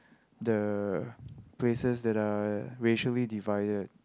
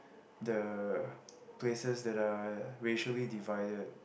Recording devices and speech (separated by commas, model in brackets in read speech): close-talking microphone, boundary microphone, conversation in the same room